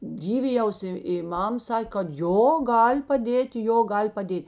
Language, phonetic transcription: Lithuanian, ˈdyvijaus i i ˈmam ˈsakė kad ˈjo ˈgal' paˈdėt' ˈjo ˈgal' paˈdėt'

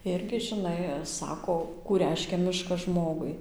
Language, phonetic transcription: Lithuanian, ˈirgi žiˈnai ˈsako kų ˈreiškia ˈmiškas ˈžmogui

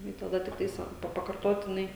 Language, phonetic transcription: Lithuanian, ˈnu i taˈda tikˈtais va ˈpa pakarˈtotinai

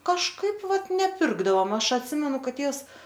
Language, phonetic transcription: Lithuanian, kažˈkaip ˈvat neˈpirkdavom ˈaš atˈsimenu ˈkad ˈtėvs

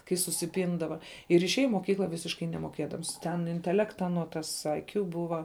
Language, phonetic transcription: Lithuanian, kai susiˈpindava ir išˈėja i moˈkykla ˈvisiškai nemoˈkėdams ˈten inteˈlekta aˈnuo ˈtas aiˈkju ˈbuva

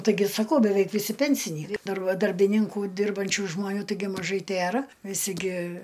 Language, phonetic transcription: Lithuanian, taiˈgi saˈkau beˈveik viˈsi pensiˈny ˈdar ˈva darbiˈninku ˈdirbančiu žmoˈnių taiˈgi maˈžai ˈtėra viˈsi gi

